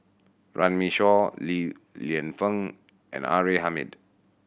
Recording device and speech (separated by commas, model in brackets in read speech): boundary microphone (BM630), read sentence